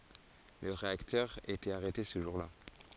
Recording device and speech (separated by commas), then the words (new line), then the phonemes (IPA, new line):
forehead accelerometer, read sentence
Le réacteur était arrêté ce jour-là.
lə ʁeaktœʁ etɛt aʁɛte sə ʒuʁ la